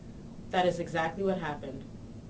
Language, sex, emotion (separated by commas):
English, female, neutral